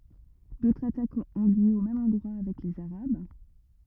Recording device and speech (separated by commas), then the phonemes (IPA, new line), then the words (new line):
rigid in-ear microphone, read sentence
dotʁz atakz ɔ̃ ljø o mɛm ɑ̃dʁwa avɛk lez aʁab
D'autres attaques ont lieu au même endroit avec les arabes.